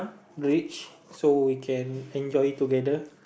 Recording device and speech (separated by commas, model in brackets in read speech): boundary microphone, conversation in the same room